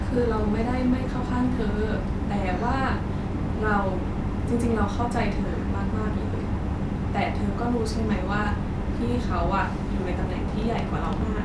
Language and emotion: Thai, sad